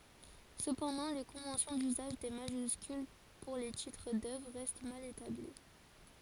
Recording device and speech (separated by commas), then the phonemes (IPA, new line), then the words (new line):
forehead accelerometer, read sentence
səpɑ̃dɑ̃ le kɔ̃vɑ̃sjɔ̃ dyzaʒ de maʒyskyl puʁ le titʁ dœvʁ ʁɛst mal etabli
Cependant les conventions d'usage des majuscules pour les titres d'œuvres restent mal établies.